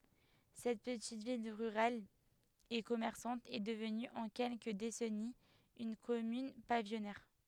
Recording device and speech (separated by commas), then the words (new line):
headset microphone, read sentence
Cette petite ville rurale et commerçante est devenue en quelques décennies une commune pavillonnaire.